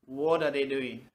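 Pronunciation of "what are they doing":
'What are they doing' is said in an American way.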